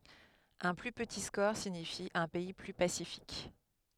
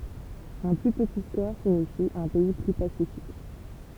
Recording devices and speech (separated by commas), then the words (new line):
headset microphone, temple vibration pickup, read sentence
Un plus petit score signifie un pays plus pacifique.